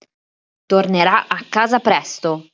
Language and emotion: Italian, angry